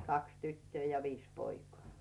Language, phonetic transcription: Finnish, 'kaks tyttöö ja 'viis poikᵒà .
- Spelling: kaksi tyttöä ja viisi poikaa

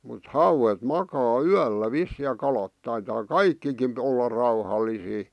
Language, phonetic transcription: Finnish, mut "hauwet "makaa "yällä 'vissì ja 'kalat taitaa "kaikkikin olla 'rauhallisii .
- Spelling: mutta hauet makaa yöllä vissiin ja kalat taitaa kaikkikin olla rauhallisia

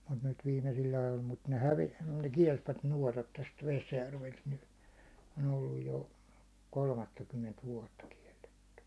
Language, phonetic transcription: Finnish, mut nyt 'viimesil'l ‿ajol mut ne "häve- , ne "kiɛlsvät 'nuåtat täst 'Vesjärvelt ny , n ‿on 'olluj jo , "kolmattakymment 'vuåtta 'kiɛlletty .
- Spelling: mutta nyt viimeisillä ajoilla mutta ne - ne kielsivät nuotat tästä Vesijärveltä nyt ne on ollut jo kolmattakymmentä vuotta kielletty

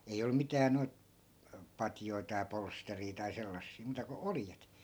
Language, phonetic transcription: Finnish, ei 'ollᵘ 'mitää noi̮t , 'patjoi̮ tai 'polsterii tai 'sellassii muuta ko "oljet .
- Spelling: ei ollut mitään noita patjoja tai polsteria tai sellaisia muuta kuin oljet

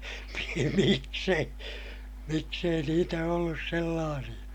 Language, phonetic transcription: Finnish, mi - miks ‿ei , miks ‿ei niitä ollus sellaasiʲa .
- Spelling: - miksi ei miksi ei niitä ollut sellaisia

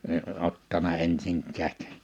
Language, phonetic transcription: Finnish, e(n) 'ottana 'ensiŋk̆käät̳ .
- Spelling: en ottanut ensinkään

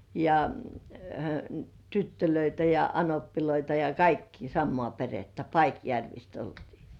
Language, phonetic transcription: Finnish, ja , "tyttölöitä ja "anoppiloita ja "kaikkii 'sammŏà perettä "Paikjärvist oltii .
- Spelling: ja tyttöjä ja anoppeja ja kaikkia samaa perhettä Paikjärvestä oltiin

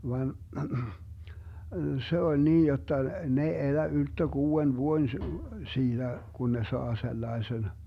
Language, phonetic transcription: Finnish, van , 'se oĺ 'nii jotta , 'ne ei "elä 'ylttö 'kuu₍en 'vuoⁱn , 'siiDä , 'kun ne "saa 'sellaesen , .
- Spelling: vaan se oli niin jotta ne ei elä ylttö kuuden vuoden siitä kun ne saa sellaisen

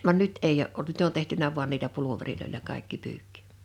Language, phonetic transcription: Finnish, van "nyt 'eij ‿o’ ’olt "nyt ‿on tehtynä vuan niilä 'puluveriloil͕a 'kàḙkki 'pyykkɪ .
- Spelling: vaan nyt ei ole ollut nyt on tehty vain niillä pulvereilla kaikki pyykki

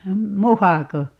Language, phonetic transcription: Finnish, "muhako ?
- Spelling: muhako

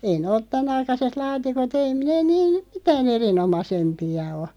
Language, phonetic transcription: Finnish, 'ei nᵉ òt 'tänaikaset "laatikot ei nee niin̬ , "mitää'n ‿erinomasempi₍a o .
- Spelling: ei ne ole tämänaikaiset laatikot ei ne niin mitään erinomaisempia ole

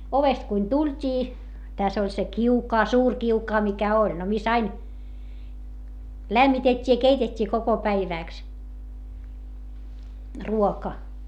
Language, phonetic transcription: Finnish, ovest kuin tult́ii , täs ‿oĺ se kiukaa suur kiukaa mikä oĺ , no mis ‿ain , lämmitet́t́ii ja keitet́t́ii koko päivä̀ks , ruoka .
- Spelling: ovesta kun tultiin tässä oli se kiukaan suuri kiukaan mikä oli no missä aina lämmitettiin ja keitettiin koko päiväksi ruoka

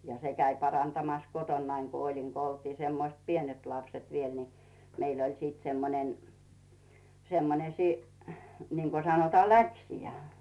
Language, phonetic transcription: Finnish, ja 'se käi parantamas 'kotonnaiŋ ku olin ku oltii 'semmoⁱst "pienet lapset viiel ni , 'meil ‿ol siit 'semmonen , semmone siiniŋko 'sanotaa "läksijä .
- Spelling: ja se kävi parantamassa kotonani kun olin kun oltiin semmoiset pienet lapset vielä niin meillä oli sitten semmoinen semmoinen niin kuin sanotaan läksijäin

